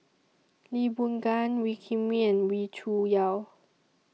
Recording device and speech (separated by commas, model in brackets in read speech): mobile phone (iPhone 6), read sentence